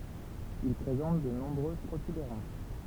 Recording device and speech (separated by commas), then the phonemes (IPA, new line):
temple vibration pickup, read sentence
il pʁezɑ̃t də nɔ̃bʁøz pʁotybeʁɑ̃s